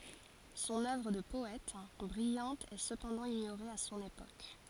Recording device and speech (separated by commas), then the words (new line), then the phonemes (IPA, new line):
forehead accelerometer, read sentence
Son œuvre de poète, brillante est cependant ignorée à son époque.
sɔ̃n œvʁ də pɔɛt bʁijɑ̃t ɛ səpɑ̃dɑ̃ iɲoʁe a sɔ̃n epok